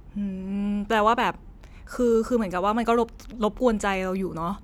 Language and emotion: Thai, frustrated